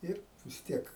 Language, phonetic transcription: Lithuanian, ˈir vis ˈtiek

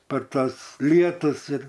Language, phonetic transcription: Lithuanian, par ˈtuos ˈlietus ir

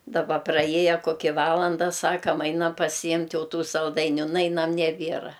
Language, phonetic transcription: Lithuanian, daˈba praˈjieje koˈki ˈvalanda ˈsakam ˈainam pasiˈjimt' ˈjau ˈtų salˈdainiu ˈnainam neˈbiera

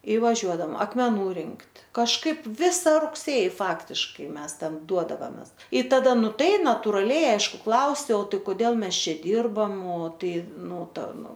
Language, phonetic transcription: Lithuanian, i vaˈžiuodam akmeˈnų ˈrinkt' kažˈkaip ˈvisa rugˈsėji ˈfaktiškai ˈmes ˈtam ˈduodavames i taˈda ˈnu ˈtai naturaˈliai ˈaišku ˈklausiau ˈtai koˈdėl ˈmes ˈčia ˈdyrbam o ˈtai ˈnu ˈta ˈnu

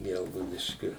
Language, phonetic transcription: Lithuanian, ˈgelgaudiškiu

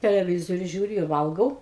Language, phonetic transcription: Lithuanian, teleˈvizoriu ˈžiūriu ir ˈvalgau

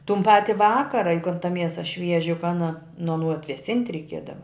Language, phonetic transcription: Lithuanian, tun ˈpati ˈvakara juk kan ta ˈmiesa ˈšvieži juk ˈana nu aˈnų atveˈsint' reiˈkiedava

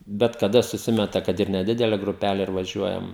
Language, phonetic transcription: Lithuanian, bet kaˈda suˈsimeta kad ir neˈdidele gruˈpæle ir vaˈžiuojam

